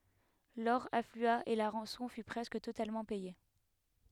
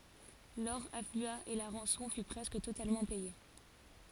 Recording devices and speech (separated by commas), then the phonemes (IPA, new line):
headset microphone, forehead accelerometer, read sentence
lɔʁ aflya e la ʁɑ̃sɔ̃ fy pʁɛskə totalmɑ̃ pɛje